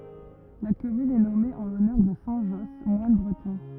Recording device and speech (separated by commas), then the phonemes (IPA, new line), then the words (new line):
rigid in-ear microphone, read sentence
la kɔmyn ɛ nɔme ɑ̃ lɔnœʁ də sɛ̃ ʒɔs mwan bʁətɔ̃
La commune est nommée en l'honneur de saint Josse, moine breton.